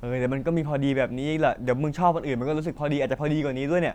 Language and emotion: Thai, neutral